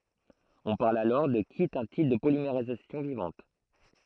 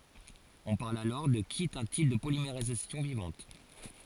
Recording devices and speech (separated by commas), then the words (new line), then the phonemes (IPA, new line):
throat microphone, forehead accelerometer, read sentence
On parle alors de qui est un type de polymérisation vivante.
ɔ̃ paʁl alɔʁ də ki ɛt œ̃ tip də polimeʁizasjɔ̃ vivɑ̃t